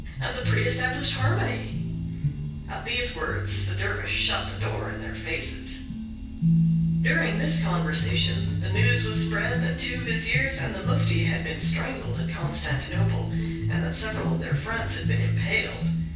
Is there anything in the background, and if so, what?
Music.